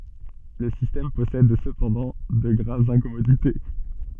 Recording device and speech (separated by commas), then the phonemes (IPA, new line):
soft in-ear microphone, read sentence
lə sistɛm pɔsɛd səpɑ̃dɑ̃ də ɡʁavz ɛ̃kɔmodite